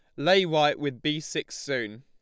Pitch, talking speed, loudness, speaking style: 150 Hz, 200 wpm, -26 LUFS, Lombard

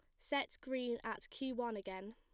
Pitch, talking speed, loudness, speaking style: 235 Hz, 185 wpm, -42 LUFS, plain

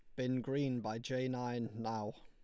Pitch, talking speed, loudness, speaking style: 125 Hz, 180 wpm, -39 LUFS, Lombard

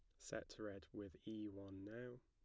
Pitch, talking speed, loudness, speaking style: 105 Hz, 175 wpm, -53 LUFS, plain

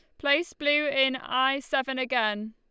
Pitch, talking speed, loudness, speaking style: 265 Hz, 155 wpm, -26 LUFS, Lombard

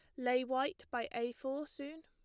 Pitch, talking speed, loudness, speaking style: 265 Hz, 195 wpm, -39 LUFS, plain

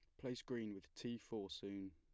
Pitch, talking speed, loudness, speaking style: 100 Hz, 210 wpm, -49 LUFS, plain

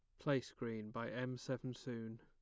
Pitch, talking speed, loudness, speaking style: 125 Hz, 180 wpm, -44 LUFS, plain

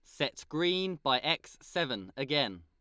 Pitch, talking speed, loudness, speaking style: 140 Hz, 150 wpm, -32 LUFS, Lombard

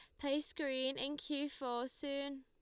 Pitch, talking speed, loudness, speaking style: 280 Hz, 160 wpm, -40 LUFS, Lombard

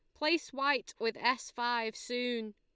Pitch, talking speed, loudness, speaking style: 240 Hz, 155 wpm, -33 LUFS, Lombard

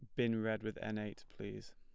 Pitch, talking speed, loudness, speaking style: 110 Hz, 230 wpm, -41 LUFS, plain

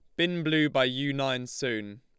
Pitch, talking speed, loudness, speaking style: 135 Hz, 200 wpm, -28 LUFS, Lombard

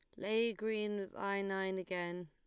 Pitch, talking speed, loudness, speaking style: 195 Hz, 175 wpm, -38 LUFS, Lombard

